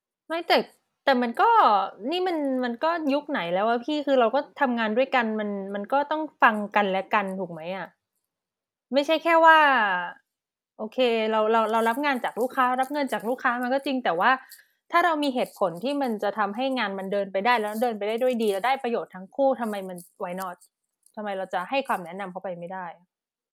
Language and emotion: Thai, frustrated